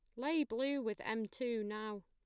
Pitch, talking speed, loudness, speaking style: 225 Hz, 195 wpm, -39 LUFS, plain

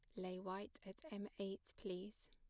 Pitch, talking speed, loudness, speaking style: 195 Hz, 170 wpm, -50 LUFS, plain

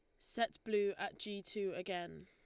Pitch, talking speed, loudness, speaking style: 200 Hz, 175 wpm, -41 LUFS, Lombard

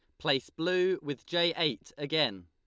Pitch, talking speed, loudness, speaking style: 150 Hz, 160 wpm, -30 LUFS, Lombard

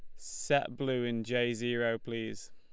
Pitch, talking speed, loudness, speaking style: 120 Hz, 165 wpm, -33 LUFS, Lombard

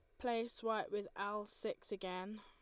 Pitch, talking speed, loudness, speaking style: 210 Hz, 165 wpm, -43 LUFS, Lombard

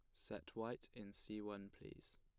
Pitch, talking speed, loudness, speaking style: 105 Hz, 180 wpm, -52 LUFS, plain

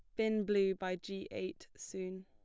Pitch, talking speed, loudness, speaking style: 190 Hz, 175 wpm, -38 LUFS, plain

